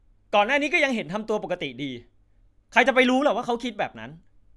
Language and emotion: Thai, angry